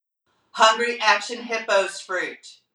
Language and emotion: English, neutral